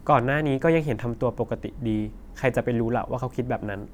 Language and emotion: Thai, neutral